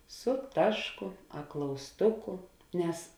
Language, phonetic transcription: Lithuanian, su ˈtašˌku a klausˈtuku ˈnes

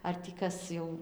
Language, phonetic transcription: Lithuanian, ar tį ˈkas jau

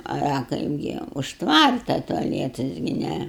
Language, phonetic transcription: Lithuanian, a a ˈkaipgi už ˈtvarta tuaˈlietas gi ˈnæ

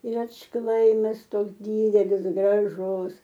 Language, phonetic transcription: Lithuanian, ir atšˈklaimas ˈtoks ˈdydelis graˈžus

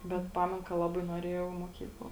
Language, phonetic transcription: Lithuanian, bet ˈpamen ka ˈlabai nuoˈrėjau i moˈkykla

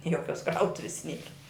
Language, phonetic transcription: Lithuanian, ˈjokios ˈkrautuvis ˈniera

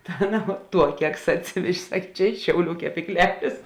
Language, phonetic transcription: Lithuanian, ta ˈaˌna ˈtuo ˈkeksa atˈsivežė ˈsak' ˈčia ˈiš šiauˌlių kepykˈlelės

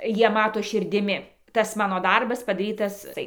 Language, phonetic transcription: Lithuanian, ˈjie ˈmato širdiˈmi ˈtas ˈmano ˈdarbas padaˈrytas ˈtai

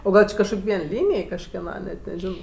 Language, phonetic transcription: Lithuanian, o ˈgal či kažˈkok' ˈvien ˈlynėj kažkeˈna net neˈžino

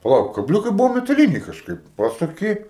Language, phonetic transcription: Lithuanian, paˈlauk kabˈliūkai ˈbuvo metaˈlyniai kažˈkaip ˈpasuˌki

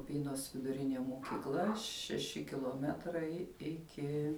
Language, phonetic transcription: Lithuanian, uˈpynos viduˈrinė mokyˈkla šeˈši kiloˈmetrai ˈiki

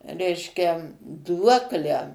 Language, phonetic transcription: Lithuanian, ˈreiškia ˈduoklę

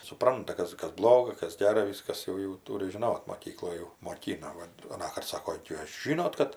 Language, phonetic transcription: Lithuanian, suˈpranta ˈkas ˈkas ˈbloga ˈkas ˈgera ˈviskas ˈjau jau ˈtūri žiˈnot moˈkykloj jau moˈkyna ˈvat aˈnąkart ˈsako ˈjūs ˈžinot kad

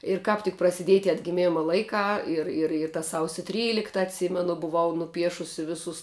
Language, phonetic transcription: Lithuanian, ir ˈkāp tik prasiˈdiej tie atgiˈmima ˈlaikā ˈir ir ir ta ˈsausiu ˈtrylikta atˈsymenu buˈvau nuˈpiešusi ˈvisus

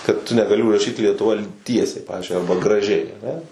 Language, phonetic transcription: Lithuanian, kad tu negaˈli užraˈšyt lietuˈva ˈtiesiai ˈpavizdžiui ˈarba graˈžiai aˈne

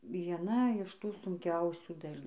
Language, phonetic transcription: Lithuanian, vieˈna iš ˈtų sunˈkiausių daˈlių

